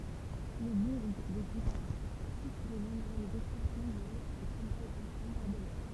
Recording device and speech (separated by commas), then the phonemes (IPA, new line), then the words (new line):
temple vibration pickup, read sentence
lə buʁ də ɡipava sufʁ də nɔ̃bʁøz dɛstʁyksjɔ̃ ljez a se kɔ̃baz e bɔ̃baʁdəmɑ̃
Le bourg de Guipavas souffre de nombreuses destructions liées à ces combats et bombardements.